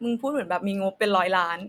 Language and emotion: Thai, frustrated